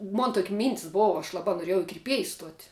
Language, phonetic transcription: Lithuanian, ˈmon ˈtok' ˈmyntis ˈbova aš ˈlaba noˈriejau i kirˈpiejs ˈstuot'

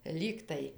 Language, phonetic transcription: Lithuanian, ˈlygtai

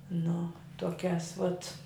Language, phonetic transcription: Lithuanian, nu toˈkiās vat

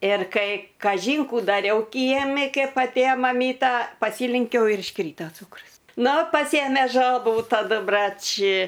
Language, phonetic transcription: Lithuanian, ir ˈkai kaˈžyn ˈkų daˈriau ˈkiemi ˈkep atˈėjo maˈmyta paˈsylenkiau ir išˈkryta ˈcūkrus nu paˈsėmė ˈžabų taˈdu ˈbrač

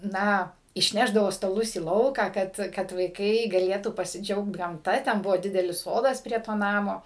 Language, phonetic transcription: Lithuanian, ˈna išˈnešdavo staˈlus į ˈlauką ˈkad kad vaiˈkai gaˈlėtų pasiˈdžiaugt gamˈta ten ˈbuvo ˈdidelis ˈsodas prie ˈto ˈnamo

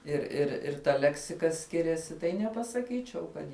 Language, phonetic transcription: Lithuanian, ir ir ir ta ˈleksika ˈskiriasi tai nepasaˈkyčiau ˈkad

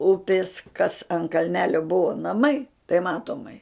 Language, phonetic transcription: Lithuanian, ˈupis kas an kalˈnelio ˈbuvo naˈmai tai ˈmatomai

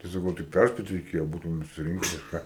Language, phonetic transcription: Lithuanian, tai saˈkau tai ˈpærspėt reiˈkėjo ˈbūtume susiˈrinke ar ˈką

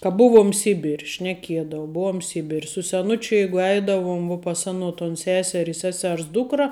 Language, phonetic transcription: Lithuanian, ka ˈbuvuom ˈsibir' šneˈkiedau ˈbuom ˈsibir' su seˈnučiu ˈjeigu ˈeidavum vuo pas ˈano ton ˈseser i ˈsesers ˈdūkra

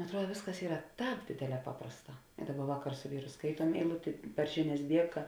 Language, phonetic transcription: Lithuanian, atˈruod ˈvėsˌkas ˈyra ˈtāp ˈdėdėˌlē ˈpaprasˌtā ˈdaˌba ˈvaˌkar su ˈvyru ˈskaituom eiˈlutė par ˈžiˌnias ˈdieka

